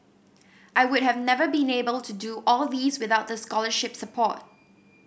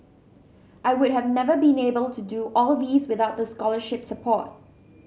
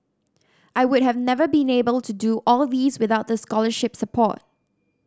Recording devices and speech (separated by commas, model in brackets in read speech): boundary microphone (BM630), mobile phone (Samsung C7100), standing microphone (AKG C214), read sentence